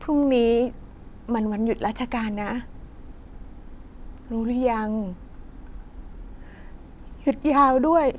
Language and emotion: Thai, sad